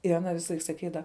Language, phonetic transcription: Lithuanian, ir aˈna ˈvisaˌlaik saˈkydava

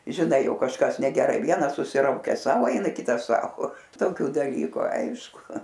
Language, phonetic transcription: Lithuanian, žiˈnai ˈjau kažˈkas negeˈrai ˈvienas susiˈraukes ˈsau ˈeina ˈkitas ˈsau toˈkiu daˈlyku ˈaišku

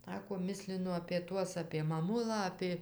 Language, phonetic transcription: Lithuanian, ˈsako ˈmislinu apė ˈtuos apė maˈmulą apė

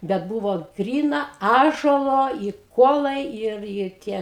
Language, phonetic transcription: Lithuanian, bet ˈbuvo ˈgryna ˈąžuolo i ˈkuolai ˈir ir ˈtie

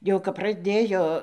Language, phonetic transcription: Lithuanian, jau kap praˈdėjo

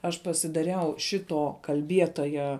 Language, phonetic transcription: Lithuanian, ˈaš pasidaˈriau ˈšito kalˈbietoja

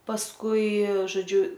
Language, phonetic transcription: Lithuanian, pasˈkui žoˈdžiu

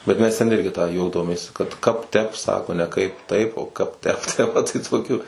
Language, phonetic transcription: Lithuanian, bet ˈmes tenˈirgi tą ˈjautomės kad ˈkap ˈtep ˈsako ne ˈkaip ˈtaip o ˈkap ˈtep ˈte maˈtai toˈkių

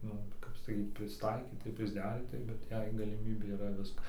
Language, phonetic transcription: Lithuanian, ˈnu kap saˈkyt prisˈtaikytai ir prisˈderytai bet ˈjei galiˈmybė yˈra ˈviska

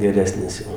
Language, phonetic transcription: Lithuanian, geˈresnis ˈjau

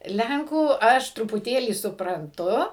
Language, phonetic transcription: Lithuanian, ˈlenkų ˈaš trupuˈtėlį supranˈtu

